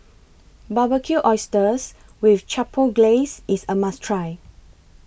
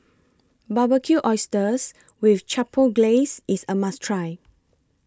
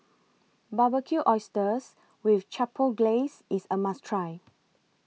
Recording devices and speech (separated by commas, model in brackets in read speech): boundary microphone (BM630), close-talking microphone (WH20), mobile phone (iPhone 6), read sentence